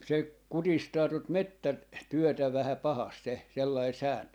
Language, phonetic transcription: Finnish, 'se , "kutistaa tot "mettä- , 'työtä vähä 'pahast 'se , 'sellai 'sääntö .
- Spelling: se kutistaa tuota - metsätyötä vähän pahasti se sellainen sääntö

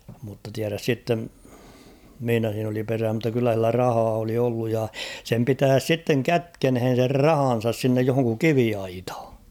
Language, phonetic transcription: Finnish, mutta tiäräs 'sitten , 'mⁱhinä siin ‿oli 'perää mutta 'kyllä sillä "rahaa oli olluj ja , sem 'pitääs 'sitteŋ "kätkenhen̬ ser "rahan̬sas sinnej johoŋku "kiviaithᴀ .
- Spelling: mutta tiedä sitten missä siinä oli perää mutta kyllä sillä rahaa oli ollut ja sen pitäisi sitten kätkeneen sen rahansa sinne johonkin kiviaitaan

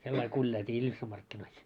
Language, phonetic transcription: Finnish, 'sellail 'kuĺjailt́ii 'Iljussam markkinois .
- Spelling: sillä lailla kuljailtiin Iljusan markkinoissa

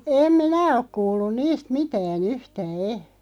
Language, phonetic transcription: Finnish, 'em "minä ok 'kuullun niist "mitää'n ‿yhtää "e .
- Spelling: en minä ole kuullut niistä mitään yhtään en

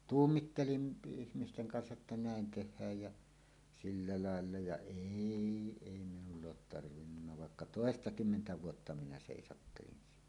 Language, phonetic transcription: Finnish, tuummittelin "ihmisteŋ 'kansa’ ’että "nä̀en 'teh̆hääj jä , "sillä 'laella ja "èi 'èi minull ‿oot tarvinnunna vàekka "tòestakymmentä 'vuotta minä sèisattelin siinä .
- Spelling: tuumin ihmisten kanssa että näin tehdään ja sillä lailla ja ei ei minulla ole tarvinnut vaikka toistakymmentä vuotta minä seisattelin siinä

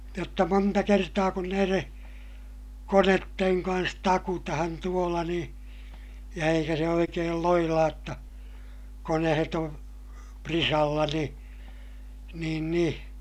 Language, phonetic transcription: Finnish, jotta monta kertaa kun näireè , konetteŋ kans takutahan tuola niḭ , ja eikä se oikeel loilaaj jotta , konehet on , prisalla ni , niin ni ,.
- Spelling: jotta monta kertaa kun näiden koneiden kanssa takutaan tuolla niin ja eikä se oikein loilaa jotta koneet on prisalla niin niin niin

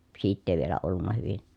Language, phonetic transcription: Finnish, siitt ‿èi vielä ollunna hyvin ,.
- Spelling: siitä ei vielä ollut hyvin

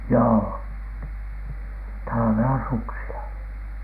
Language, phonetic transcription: Finnish, joo , talavela suksila .
- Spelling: joo talvella suksilla

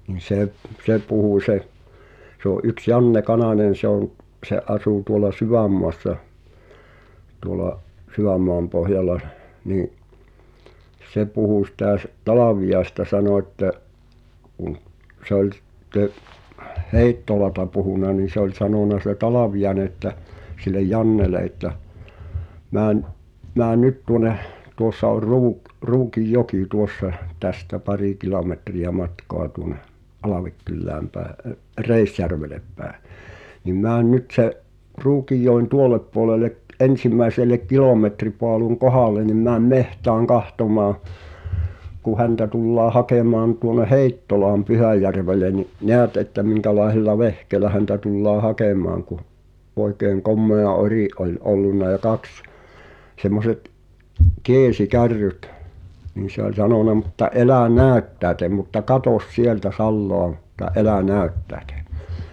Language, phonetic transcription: Finnish, nin̬ 'se , "se 'puhù se , se ‿o’ ’yks 'Janne "Kanàńen̬ se ‿on , ’se '’asù tuola "Syvämmoassa , tuola , 'Syʷ̈ämmoampohjala , nii’ , 'se puhù sitä s- "Talaviʲaesta 'sano että , kᵘᵑ , sᵉ ‿ᵒĺ ˢⁱᵗte , "Hèittolata puhùna nin̬ se ‿oĺ 'sanòna se "Talavijaᵉne ᵉttä , sillej 'Jannele ’että , » 'män’ , 'mään "nyt tuŏneh « , 'tuossa or 'Ruuk- 'Ruukij"jokì tuossa , "tästä 'parì 'kilometri₍ä 'matkoa tuoneh , "’Alavekkyllääm pääᵉ ə’- , "Reisjärvelep pää , » nim 'mään "nyt se’ , 'Ruukijjòin "tuolep puolele’ , '’en̬sim̆mäi̬selek 'kilòmetripoaluŋ "kohàlen nim määm "mehtääŋ 'kahtomaa , ku 'häntä tullaa 'hakèmaan tuone "Hèittolaam 'Pyhä̀järvele ni , "neät että miŋkälaeh̳ella "vehkeelä häntä tullaa 'hakèm̀aaŋ « ku , oekeeŋ 'kommea "ori’ ’ol '’ollunna ʲa 'kaks , semmoset , "keesikärryt , niin̬ se ‿ol sanòna » mutta '’elä̀ "nääᵒ̈ttä̀etem mutta "katos 'sieltä 'salloa ᴍᴜtta "’elä 'nä̀öttäĕtᴇ .
- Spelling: niin se se puhui se se on yksi Janne Kananen se on se asui tuolla Sydänmaassa tuolla Sydänmaanpohjalla niin se puhui sitä - Talviaisesta sanoi että kun se oli sitten Heittolasta puhunut niin se oli sanonut se Talviainen että sille Jannelle että meni mene nyt tuonne tuossa oli - Ruukinjoki tuossa tästä pari kilometriä matkaa tuonne Alvekylään päin - Reisjärvelle päin niin mene nyt sen Ruukinjoen tuolle puolelle ensimmäiselle kilometripaalun kohdalle niin mene metsään katsomaan kun häntä tullaan hakemaan tuonne Heittolaan Pyhäjärvelle niin näet että minkälaisella vehkeellä häntä tullaan hakemaan kun oikein komea ori oli ollut ja kaksi semmoiset keesikärryt niin se oli sanonut mutta älä näyttäydy mutta katso sieltä salaa mutta älä näyttäydy

